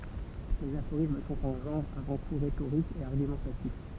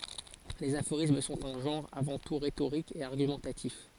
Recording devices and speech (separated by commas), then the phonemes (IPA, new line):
temple vibration pickup, forehead accelerometer, read sentence
lez afoʁism sɔ̃t œ̃ ʒɑ̃ʁ avɑ̃ tu ʁetoʁik e aʁɡymɑ̃tatif